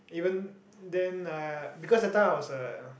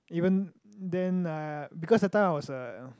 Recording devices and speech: boundary microphone, close-talking microphone, conversation in the same room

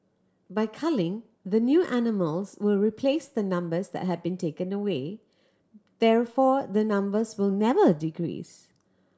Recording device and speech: standing microphone (AKG C214), read sentence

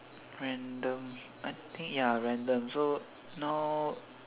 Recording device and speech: telephone, conversation in separate rooms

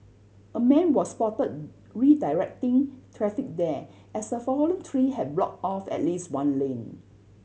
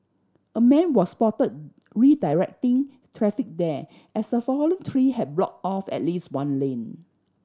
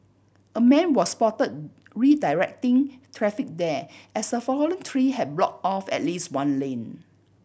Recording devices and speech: mobile phone (Samsung C7100), standing microphone (AKG C214), boundary microphone (BM630), read sentence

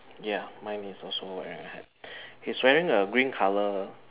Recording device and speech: telephone, conversation in separate rooms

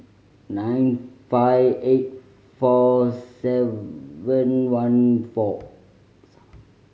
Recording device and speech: mobile phone (Samsung C5010), read sentence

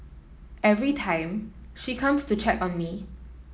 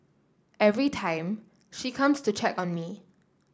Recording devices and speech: mobile phone (iPhone 7), standing microphone (AKG C214), read sentence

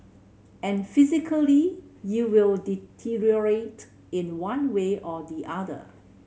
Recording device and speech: mobile phone (Samsung C7100), read sentence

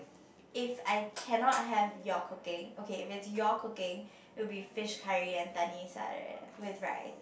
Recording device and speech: boundary microphone, conversation in the same room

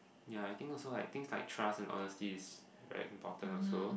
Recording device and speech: boundary microphone, conversation in the same room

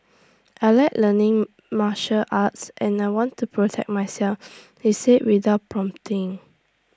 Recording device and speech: standing microphone (AKG C214), read sentence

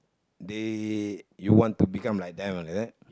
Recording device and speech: close-talking microphone, conversation in the same room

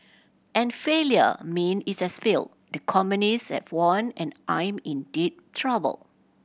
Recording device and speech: boundary microphone (BM630), read sentence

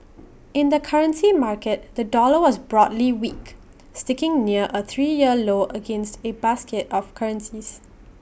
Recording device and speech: boundary microphone (BM630), read sentence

